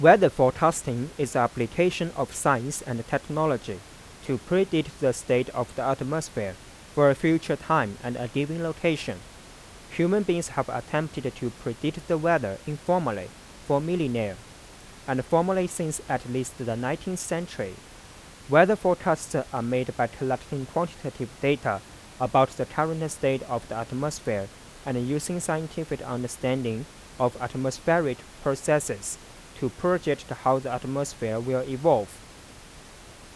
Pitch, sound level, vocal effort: 135 Hz, 88 dB SPL, normal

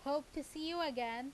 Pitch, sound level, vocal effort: 290 Hz, 90 dB SPL, loud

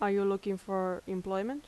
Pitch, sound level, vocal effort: 195 Hz, 83 dB SPL, normal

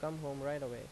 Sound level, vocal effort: 85 dB SPL, normal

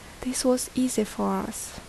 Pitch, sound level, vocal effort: 250 Hz, 71 dB SPL, soft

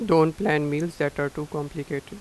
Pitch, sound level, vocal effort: 150 Hz, 87 dB SPL, normal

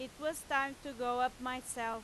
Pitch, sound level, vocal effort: 255 Hz, 95 dB SPL, very loud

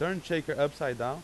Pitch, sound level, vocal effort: 155 Hz, 93 dB SPL, loud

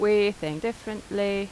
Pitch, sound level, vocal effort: 205 Hz, 87 dB SPL, loud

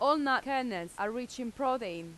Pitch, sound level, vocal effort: 250 Hz, 91 dB SPL, loud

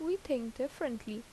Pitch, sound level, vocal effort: 265 Hz, 80 dB SPL, normal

